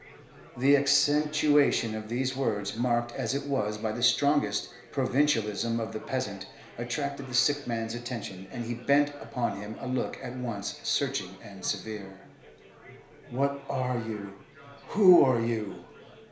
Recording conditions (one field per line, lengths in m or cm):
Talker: one person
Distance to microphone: 1.0 m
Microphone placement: close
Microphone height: 1.1 m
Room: small (3.7 m by 2.7 m)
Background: babble